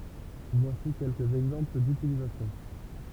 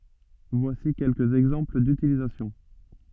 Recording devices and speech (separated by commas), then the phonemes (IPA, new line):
temple vibration pickup, soft in-ear microphone, read sentence
vwasi kɛlkəz ɛɡzɑ̃pl dytilizasjɔ̃